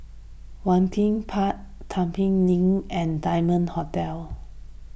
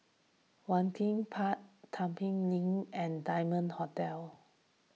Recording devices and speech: boundary microphone (BM630), mobile phone (iPhone 6), read sentence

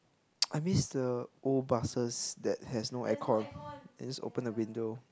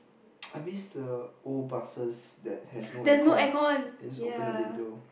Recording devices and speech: close-talking microphone, boundary microphone, conversation in the same room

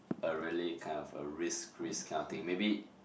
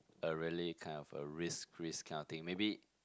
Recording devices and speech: boundary microphone, close-talking microphone, conversation in the same room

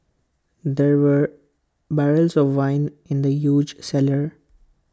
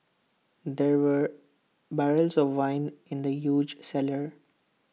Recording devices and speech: close-talking microphone (WH20), mobile phone (iPhone 6), read sentence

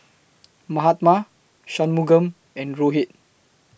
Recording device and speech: boundary microphone (BM630), read sentence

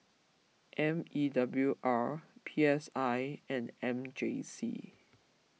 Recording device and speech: mobile phone (iPhone 6), read sentence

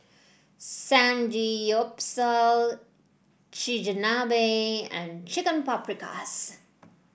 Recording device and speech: boundary microphone (BM630), read sentence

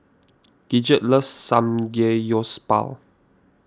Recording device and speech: standing microphone (AKG C214), read sentence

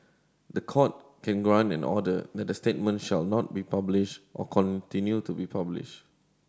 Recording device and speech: standing microphone (AKG C214), read sentence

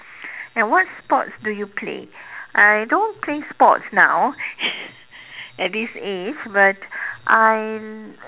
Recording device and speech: telephone, conversation in separate rooms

